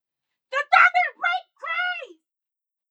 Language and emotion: English, angry